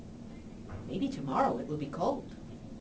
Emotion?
neutral